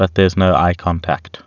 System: none